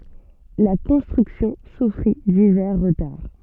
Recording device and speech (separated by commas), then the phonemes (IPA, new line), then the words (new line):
soft in-ear microphone, read sentence
la kɔ̃stʁyksjɔ̃ sufʁi divɛʁ ʁətaʁ
La construction souffrit divers retards.